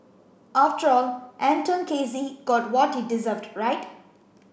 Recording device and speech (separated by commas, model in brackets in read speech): boundary microphone (BM630), read sentence